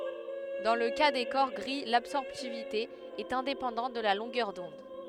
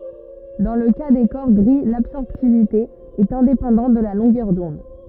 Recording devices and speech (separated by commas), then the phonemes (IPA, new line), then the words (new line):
headset microphone, rigid in-ear microphone, read sentence
dɑ̃ lə ka de kɔʁ ɡʁi labsɔʁptivite ɛt ɛ̃depɑ̃dɑ̃t də la lɔ̃ɡœʁ dɔ̃d
Dans le cas des corps gris l'absorptivité est indépendante de la longueur d'onde.